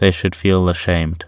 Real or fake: real